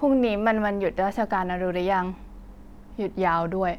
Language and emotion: Thai, neutral